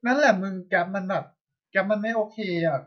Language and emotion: Thai, frustrated